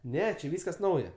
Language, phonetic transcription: Lithuanian, ˈne či ˈvyskas ˈnauja

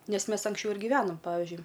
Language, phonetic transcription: Lithuanian, ˈnes ˈmes anksˈčiau ir gyˈvenom ˈpavižiui

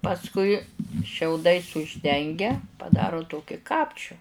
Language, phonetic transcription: Lithuanian, pasˈkui šiauˈdais užˈdengia paˈdaro ˈtoki ˈkapčiu

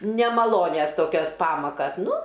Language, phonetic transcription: Lithuanian, nemaˈlonias ˈtokias ˈpamakas ˈnu

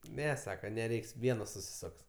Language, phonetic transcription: Lithuanian, ˈne ˈsaka neˈreiks ˈvienos susiˈsoks

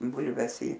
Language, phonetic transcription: Lithuanian, ˈbulves į

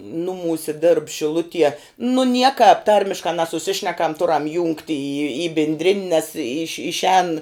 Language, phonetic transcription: Lithuanian, ˈnumūsi dėrb šiˈlutie nu ˈniekāp ˈtarmiškā nesuˈsišnekam ˈturam jungt' į į į binˈdrin' nes iš' išˈēn

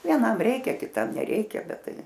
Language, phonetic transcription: Lithuanian, vieˈnam ˈreikia kiˈtam neˈreikia ˈbet ˈtai

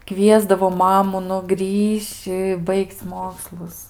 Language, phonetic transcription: Lithuanian, ˈkviesdavo ˈmamu nu ˈgrįš'č' i ˈbaig'c' ˈmokslus

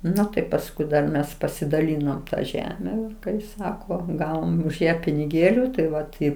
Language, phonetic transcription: Lithuanian, ˈnu tai pasˈkui dar ˈmes pasidaˈlynom ta ˈžeme kai ˈsako ˈgavom už ˈją piniˈgėliu tai ˈvat i

